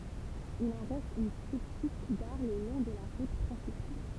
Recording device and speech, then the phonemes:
temple vibration pickup, read sentence
il ɑ̃ ʁɛst yn pətit ɡaʁ lə lɔ̃ də la ʁut pʁɛ̃sipal

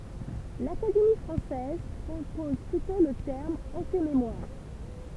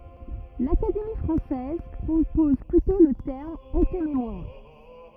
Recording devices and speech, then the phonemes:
temple vibration pickup, rigid in-ear microphone, read sentence
lakademi fʁɑ̃sɛz pʁopɔz plytɔ̃ lə tɛʁm ɑ̃tememwaʁ

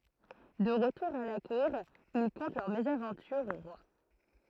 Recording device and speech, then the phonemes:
throat microphone, read sentence
də ʁətuʁ a la kuʁ il kɔ̃tɑ̃ lœʁ mezavɑ̃tyʁ o ʁwa

